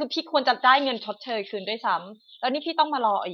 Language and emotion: Thai, frustrated